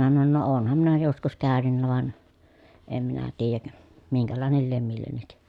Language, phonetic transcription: Finnish, minä sanon » no oonham minä joskus käänynnä van , em minä tiijäk , miŋkälàenel liem millennik » .
- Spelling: minä sanoin no olenhan minä joskus käynyt vaan en minä tiedä minkälainen lie millekin

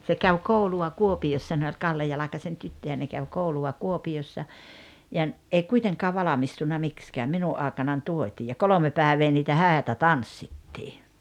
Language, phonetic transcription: Finnish, se käw 'koulu₍a "Kuopi₍ossa ne oĺ "Kalle 'Jalakasen 'tyttöjä ne käv 'koulu₍a "Kuopi₍ossa , ja ‿n- , ’ei 'kuiteŋkaa "valamistunna 'mikskääm 'minu’ ’àekanan "tuot́ii ja "kolome 'pääᵉvee niitä "hä̀etä "tanssittii .
- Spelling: se kävi koulua Kuopiossa ne oli Kalle Jalkasen tyttöjä ne kävi koulua Kuopiossa ja - ei kuitenkaan valmistunut miksikään minun aikanani tuotiin ja kolme päivää niitä häitä tanssittiin

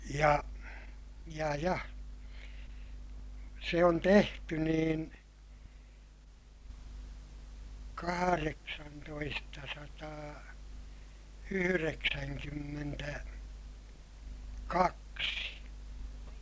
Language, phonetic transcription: Finnish, ja , ja ja , se on tehty niin , kahareksantoistasataa , yhyreksäŋkymmentä , kaksi .
- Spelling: ja ja ja se on tehty niin kahdeksantoistasataa yhdeksänkymmentä kaksi

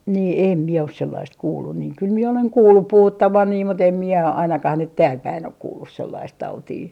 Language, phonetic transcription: Finnish, nii 'èm mie os sellaist 'kuullun niiŋ kyl mie oleŋ 'kuullup "puhuttavan nii mut ‿em mie ainakah nyt 'tääl'päin ‿ok kuullus 'sellaist 'tautii .
- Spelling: niin en minä ole sellaista kuullut niin kyllä minä olen kuullut puhuttavan niin mutta en minä ainakaan nyt täälläpäin ole kuullut sellaista tautia

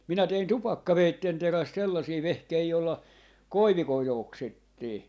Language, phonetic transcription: Finnish, 'minä tein "tupakkaveitten 'teräst 'sellasii 'vehkei jolla , "koivikoi't ‿oksittii .
- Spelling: minä tein tupakkaveitsen terästä sellaisia vehkeitä jolla koivikoita oksittiin

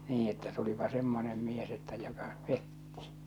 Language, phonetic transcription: Finnish, 'nii että tulipa 'semmonem mies että joka , 'petti .
- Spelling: niin että tulipa semmoinen mies että joka petti

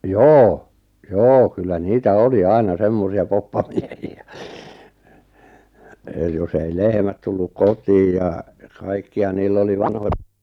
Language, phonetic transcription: Finnish, joo , "joo kyllä "niitä "oli 'aina 'semmosi₍a 'poppamiehi₍ä , è jos ‿ei 'lehmät tulluk 'kot̀iiʲ ja , 'kaikki₍a 'niill ‿oli 'vanhoja 'taiko-
- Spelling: joo joo kyllä niitä oli aina semmoisia poppamiehiä eli jos ei lehmät tullut kotiin ja kaikkia niillä oli vanhoja taikoja

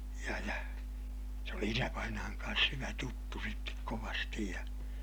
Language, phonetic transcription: Finnish, ja ja , se oli isävainaaŋ kaans hyvä tuttu sittek kovastij ja , .
- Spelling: ja ja se oli isävainaan kanssa hyvä tuttu sitten kovasti ja

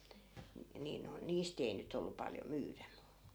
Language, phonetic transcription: Finnish, nii noi̮n "niist ‿ei nyt ‿ollu paljo 'myyrä mu ,.
- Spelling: niin noin niistä ei nyt ollut paljon myydä mutta

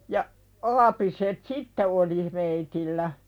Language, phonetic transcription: Finnish, ja , 'aapiset "sitte oli , meitillä .
- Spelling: ja aapiset sitten oli meillä

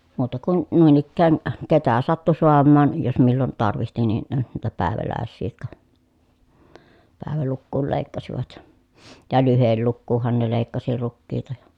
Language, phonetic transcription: Finnish, muuta kun , nùin ‿ikkään , ketä sattu soammaan , jos millon tarvihti nin , niitä pä̀evälä̀essii jotka , pä̀evälukkuul lèikkasivat , ja lyhellukkuuhhan ne lèikkasi rukkiita ja ,.
- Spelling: muuta kuin noin ikään ketä sattui saamaan jos milloin tarvitsi niin niitä päiväläisiä jotka päivälukuun leikkasivat ja lyhdelukuunhan ne leikkasi rukiita ja

